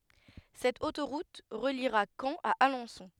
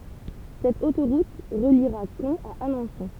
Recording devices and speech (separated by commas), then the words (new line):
headset microphone, temple vibration pickup, read sentence
Cette autoroute reliera Caen à Alençon.